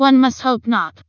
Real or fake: fake